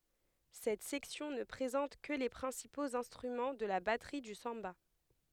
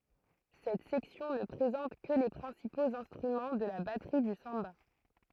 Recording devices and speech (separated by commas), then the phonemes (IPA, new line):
headset microphone, throat microphone, read sentence
sɛt sɛksjɔ̃ nə pʁezɑ̃t kə le pʁɛ̃sipoz ɛ̃stʁymɑ̃ də la batʁi dy sɑ̃ba